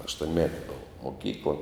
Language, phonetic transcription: Lithuanian, aštuonˈmeti ˈbova moˈkykla

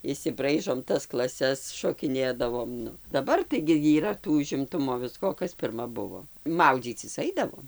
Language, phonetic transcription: Lithuanian, išsiˈbraižom ˈtas klaˈses šokiˈnėdavom ˈnu daˈbar taigi yˈra ˈtų užimˈtumo ˈvisko o ˈkas pirˈma ˈbuvo ˈmaudzycis ˈaidavom

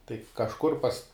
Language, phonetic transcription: Lithuanian, tai kažˈkur pas

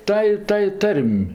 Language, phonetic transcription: Lithuanian, ˈtąj ˈtąj ˈtar'm'

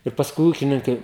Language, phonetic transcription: Lithuanian, ir pasˈkui ˈūkininkai

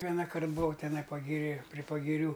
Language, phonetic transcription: Lithuanian, ˈvienakart buˈvau teˈnai pagiˈrė pri pagiˈrių

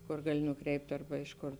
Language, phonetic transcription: Lithuanian, ˈkor ˈgali nuˈkreipt' arba ˈiš ˌkor

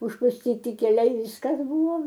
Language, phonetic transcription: Lithuanian, užpusˈtyti keˈliai ˈviskas ˈbuvo

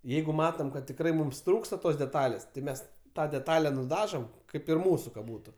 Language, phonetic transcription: Lithuanian, ˈjeigu ˈmatom kad tikˈrai ˈmums ˈtrūksta ˈtos deˈtalės tai ˈmes ˈtą deˈtale nuˈdažom ˈkaip ir ˈmūsu ka ˈbūtu

